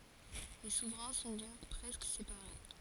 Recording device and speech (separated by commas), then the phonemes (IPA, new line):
forehead accelerometer, read sentence
le suvʁɛ̃ sɔ̃ dɔ̃k pʁɛskə sepaʁe